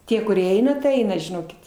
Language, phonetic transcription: Lithuanian, ˈtie kuˈrie ˈeina tai ˈeina žiˈnokit

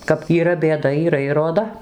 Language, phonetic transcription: Lithuanian, kap yˈra bėˈda yˈra ir roˈda

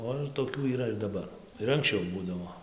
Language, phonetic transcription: Lithuanian, ˈo ir toˈkių yˈra ir daˈbar ir anksˈčiau ˈbūdavo

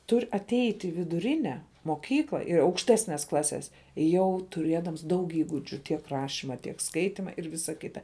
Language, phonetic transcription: Lithuanian, ˈtur' atˈeit' i viduˈrine moˈkykla ir aukšˈtesnes ˈklases ˈjau tuˈrėdams ˈdaug ˈįgudžiu tiek ˈrašima tiek ˈskaitima ir ˈvisa ˈkita

